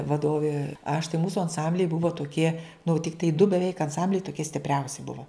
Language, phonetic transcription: Lithuanian, vaˈdovė aš tai ˈmūsu anˈsambliai ˈbuvo toˈkie nu tikˈtai du beˈveik anˈsambliai toˈkie stipˈriausi ˈbuvo

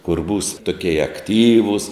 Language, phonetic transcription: Lithuanian, kur būs toˈkieja akˈtyvus

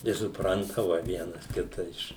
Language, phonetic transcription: Lithuanian, i suˈprantava ˈvienas ˈkita ˈiš

